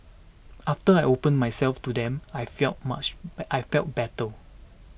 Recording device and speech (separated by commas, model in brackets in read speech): boundary microphone (BM630), read sentence